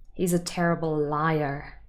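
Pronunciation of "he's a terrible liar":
'He's a terrible liar' is said with standard pronunciation and stress, without extra emphatic stress on 'terrible'.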